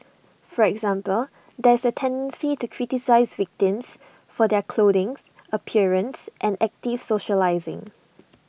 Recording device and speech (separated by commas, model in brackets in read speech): boundary microphone (BM630), read sentence